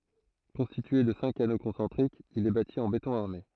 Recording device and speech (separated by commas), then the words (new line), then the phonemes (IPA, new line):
throat microphone, read sentence
Constitué de cinq anneaux concentriques, il est bâti en béton armé.
kɔ̃stitye də sɛ̃k ano kɔ̃sɑ̃tʁikz il ɛ bati ɑ̃ betɔ̃ aʁme